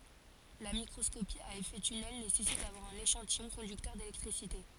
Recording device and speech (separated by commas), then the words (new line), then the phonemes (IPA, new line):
forehead accelerometer, read sentence
La microscopie à effet tunnel nécessite d'avoir un échantillon conducteur d'électricité.
la mikʁɔskopi a efɛ tynɛl nesɛsit davwaʁ œ̃n eʃɑ̃tijɔ̃ kɔ̃dyktœʁ delɛktʁisite